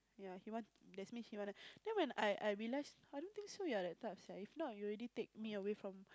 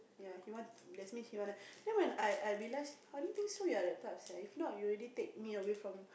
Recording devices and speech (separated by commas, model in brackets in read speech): close-talking microphone, boundary microphone, conversation in the same room